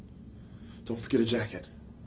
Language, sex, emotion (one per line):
English
male
neutral